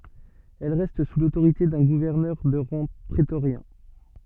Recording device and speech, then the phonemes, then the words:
soft in-ear microphone, read sentence
ɛl ʁɛst su lotoʁite dœ̃ ɡuvɛʁnœʁ də ʁɑ̃ pʁetoʁjɛ̃
Elle reste sous l'autorité d'un gouverneur de rang prétorien.

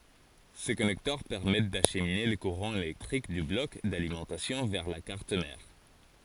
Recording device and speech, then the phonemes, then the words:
forehead accelerometer, read sentence
se kɔnɛktœʁ pɛʁmɛt daʃmine lə kuʁɑ̃ elɛktʁik dy blɔk dalimɑ̃tasjɔ̃ vɛʁ la kaʁt mɛʁ
Ces connecteurs permettent d'acheminer le courant électrique du bloc d'alimentation vers la carte mère.

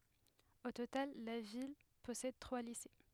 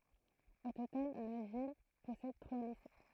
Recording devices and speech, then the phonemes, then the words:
headset microphone, throat microphone, read sentence
o total la vil pɔsɛd tʁwa lise
Au total, la ville possède trois lycées.

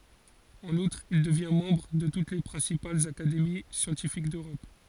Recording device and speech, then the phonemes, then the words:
forehead accelerometer, read sentence
ɑ̃n utʁ il dəvjɛ̃ mɑ̃bʁ də tut le pʁɛ̃sipalz akademi sjɑ̃tifik døʁɔp
En outre, il devient membre de toutes les principales académies scientifiques d’Europe.

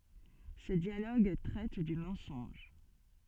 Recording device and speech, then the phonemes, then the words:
soft in-ear microphone, read sentence
sə djaloɡ tʁɛt dy mɑ̃sɔ̃ʒ
Ce dialogue traite du mensonge.

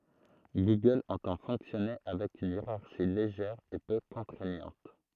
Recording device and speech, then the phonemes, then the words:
throat microphone, read sentence
ɡuɡœl ɑ̃tɑ̃ fɔ̃ksjɔne avɛk yn jeʁaʁʃi leʒɛʁ e pø kɔ̃tʁɛɲɑ̃t
Google entend fonctionner avec une hiérarchie légère et peu contraignante.

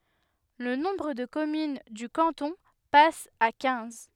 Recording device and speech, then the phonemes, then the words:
headset microphone, read sentence
lə nɔ̃bʁ də kɔmyn dy kɑ̃tɔ̃ pas a kɛ̃z
Le nombre de communes du canton passe à quinze.

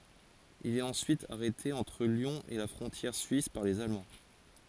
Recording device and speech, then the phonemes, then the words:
forehead accelerometer, read sentence
il ɛt ɑ̃syit aʁɛte ɑ̃tʁ ljɔ̃ e la fʁɔ̃tjɛʁ syis paʁ lez almɑ̃
Il est ensuite arrêté entre Lyon et la frontière suisse par les Allemands.

